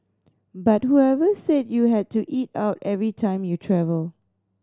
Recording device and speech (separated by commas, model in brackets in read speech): standing microphone (AKG C214), read sentence